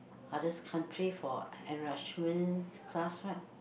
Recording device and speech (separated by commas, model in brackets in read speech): boundary microphone, conversation in the same room